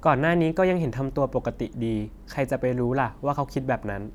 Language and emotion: Thai, neutral